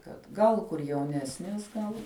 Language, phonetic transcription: Lithuanian, kad ˈgal kur jauˈnesnės ˈgal

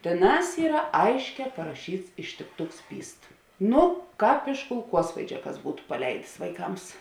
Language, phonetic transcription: Lithuanian, tėˈnās ˈyra ˈaišˌkē paraˈšyts ištikˈtuks ˈpyst ˈnu ˈkāp iš kulˈkuosvaidžia kas ˈbūtu paˈleidės vaiˈkams

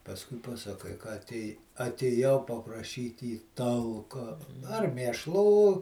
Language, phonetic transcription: Lithuanian, pasˈkui pasaˈkai ka atˈėj atėˈjau papraˈšyt' į ˈtalka ar mėšˈlų

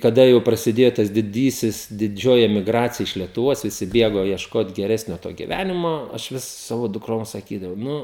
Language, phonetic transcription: Lithuanian, kaˈda jau prasiˈdėjo tas diˈdysis diˈdžioji emiˈgracija iš lietuˈvos viˈsi ˈbėgo iešˈkot geˈresnio to giˈvænimo aš ˈvis ˈsavo dukˈroms saˈkydavau ˈnu

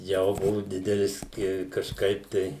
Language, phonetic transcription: Lithuanian, ˈjau ˈbuvu ˈdidelis i kažˈkaip tai

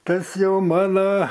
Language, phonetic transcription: Lithuanian, ˈtas ˈjau ˈmano

